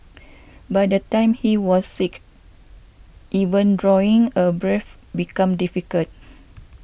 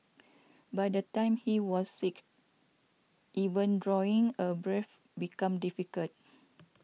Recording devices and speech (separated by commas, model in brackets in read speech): boundary microphone (BM630), mobile phone (iPhone 6), read sentence